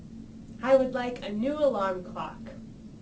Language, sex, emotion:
English, female, neutral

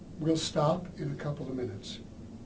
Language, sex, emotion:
English, male, neutral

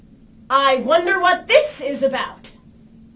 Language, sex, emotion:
English, female, angry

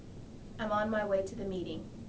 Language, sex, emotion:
English, female, neutral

